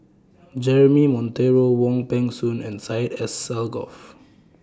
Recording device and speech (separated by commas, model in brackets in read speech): standing microphone (AKG C214), read sentence